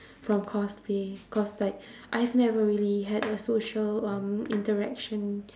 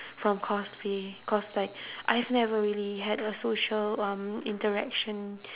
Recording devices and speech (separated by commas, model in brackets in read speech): standing microphone, telephone, conversation in separate rooms